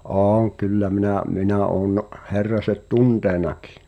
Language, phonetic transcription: Finnish, ’ooŋ k̳̀y̬llä 'minä̀ , 'mi̬nä oon’ , 'Herraset "tuntènakɪ .
- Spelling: olen kyllä minä minä olen Herraset tuntenutkin

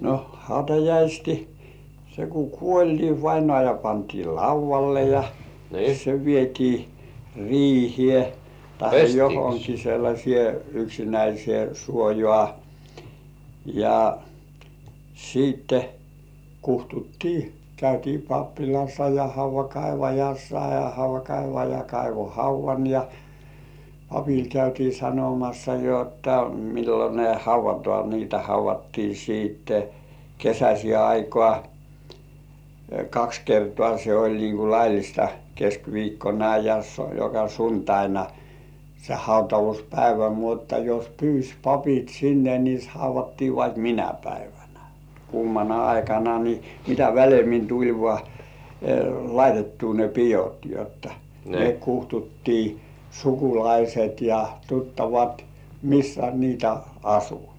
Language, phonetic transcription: Finnish, 'no "hautajaisti , se ku "kuoĺ ni 'vainŏàja pantii "lauv̆valle ja , se 'vietii "riihĭè , tahe 'johoŋki sellaśĭè yksinäisĭè suojŏà , ja siitte 'kuhtuttii , käytii "pappilassa ja "hauv̆vakaivajassa ja "hauv̆vakaivaja 'kaivo "hauv̆van ja , "papil 'käytii 'sanomassa jotta millo ne 'hauv̆vatŏà niitä 'hauv̆vattii siitte , 'kesäśĭè aikŏà , 'kaks kertŏà se oĺ niiŋ ku "laillista , 'keskviikkona ja joka "suntaina , se "hautavuspäivä 'mutta jos "pyys 'papit "sinne ni 'hauv̆vattii vaik "minä 'päivänä , 'kuumana aikana ni , mitä välemmin tuĺ vŏà , laitettuu ne pijot jotta , ne 'kuhtuttii , "sukulaiset ja 'tuttavat , 'missä niitä "asu .
- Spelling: no hautajaiset se kun kuoli niin vainaja pantiin laudalle ja se vietiin riiheen tai johonkin sellaiseen yksinäiseen suojaan ja sitten kutsuttiin käytiin pappilassa ja haudankaivajassa ja haudankaivaja kaivoi haudan ja papille käytiin sanomassa jotta milloin ne haudataan niitä haudattiin sitten kesäiseen aikaan kaksi kertaa se oli niin kuin laillista keskiviikkona ja joka sunnuntaina se hautauspäivä mutta jos pyysi papit sinne niin haudattiin vaikka minä päivänä kuumana aikana niin mitä väleemmin tuli vain laitettua ne pidot jotta ne kutsuttiin sukulaiset ja tuttavat missä niitä asui

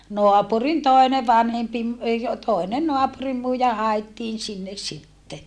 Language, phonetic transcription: Finnish, noapurin tòi̮ne vanhempi ‿m- , ei o - tòine noapurimmuija haettiin sinnes sitte .
- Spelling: naapurin toinen vanhempi - ei - toinen naapurinmuija haettiin sinne sitten

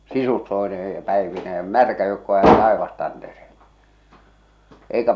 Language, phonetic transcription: Finnish, sisustoenee ja "päevinee ʲᵃ "märkä joukko jäe "taevastantereelle , èikä .
- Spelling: sisustoineen ja päivineen ja märkä joukko jäi taivastantereelle eikä

